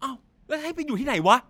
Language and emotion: Thai, angry